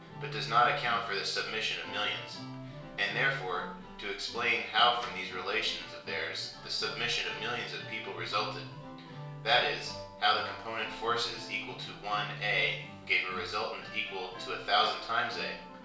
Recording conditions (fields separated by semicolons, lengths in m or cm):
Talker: one person; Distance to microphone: 1.0 m; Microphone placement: close; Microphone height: 1.1 m; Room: small (3.7 m by 2.7 m); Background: music